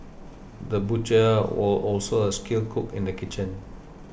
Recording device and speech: boundary microphone (BM630), read sentence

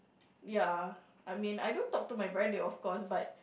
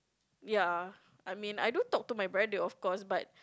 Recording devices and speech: boundary microphone, close-talking microphone, conversation in the same room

